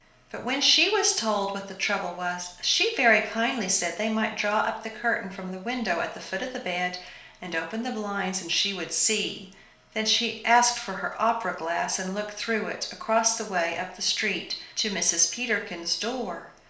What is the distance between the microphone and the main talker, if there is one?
1.0 m.